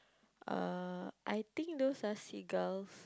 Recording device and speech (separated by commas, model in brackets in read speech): close-talking microphone, conversation in the same room